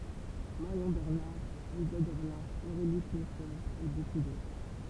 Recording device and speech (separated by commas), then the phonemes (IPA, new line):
temple vibration pickup, read sentence
maʁjɔ̃ bɛʁnaʁ ɛlsa dɔʁlɛ̃ oʁeli knyfe e boku dotʁ